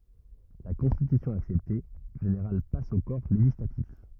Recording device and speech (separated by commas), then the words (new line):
rigid in-ear microphone, read sentence
La constitution acceptée, le général passe au Corps législatif.